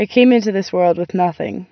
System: none